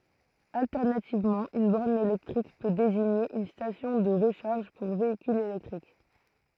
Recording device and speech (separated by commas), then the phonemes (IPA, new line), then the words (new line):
throat microphone, read sentence
altɛʁnativmɑ̃ yn bɔʁn elɛktʁik pø deziɲe yn stasjɔ̃ də ʁəʃaʁʒ puʁ veikylz elɛktʁik
Alternativement, une borne électrique peut désigner une station de recharge pour véhicules électriques.